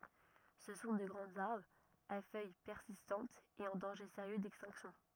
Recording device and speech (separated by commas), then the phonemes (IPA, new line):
rigid in-ear microphone, read sentence
sə sɔ̃ də ɡʁɑ̃z aʁbʁz a fœj pɛʁsistɑ̃tz e ɑ̃ dɑ̃ʒe seʁjø dɛkstɛ̃ksjɔ̃